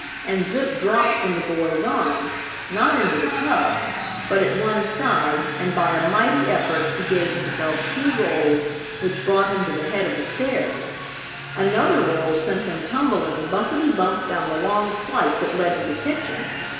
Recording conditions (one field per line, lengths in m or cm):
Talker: one person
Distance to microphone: 1.7 m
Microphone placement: close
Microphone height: 1.0 m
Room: very reverberant, large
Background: television